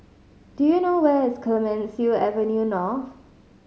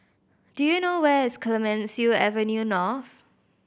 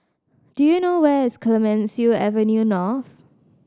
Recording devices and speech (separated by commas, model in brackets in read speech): mobile phone (Samsung C5010), boundary microphone (BM630), standing microphone (AKG C214), read sentence